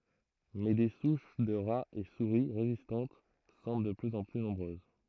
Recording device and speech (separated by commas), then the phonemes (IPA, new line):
throat microphone, read sentence
mɛ de suʃ də ʁaz e suʁi ʁezistɑ̃t sɑ̃bl də plyz ɑ̃ ply nɔ̃bʁøz